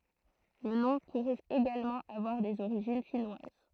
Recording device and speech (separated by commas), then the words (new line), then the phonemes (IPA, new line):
throat microphone, read sentence
Le nom pourrait également avoir des origines finnoises.
lə nɔ̃ puʁɛt eɡalmɑ̃ avwaʁ dez oʁiʒin finwaz